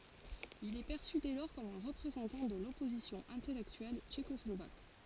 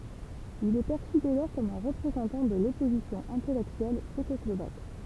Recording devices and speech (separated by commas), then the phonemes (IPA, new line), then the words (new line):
forehead accelerometer, temple vibration pickup, read sentence
il ɛ pɛʁsy dɛ lɔʁ kɔm œ̃ ʁəpʁezɑ̃tɑ̃ də lɔpozisjɔ̃ ɛ̃tɛlɛktyɛl tʃekɔslovak
Il est perçu dès lors comme un représentant de l'opposition intellectuelle tchécoslovaque.